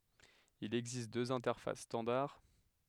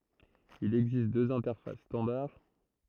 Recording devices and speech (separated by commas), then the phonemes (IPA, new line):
headset microphone, throat microphone, read sentence
il ɛɡzist døz ɛ̃tɛʁfas stɑ̃daʁ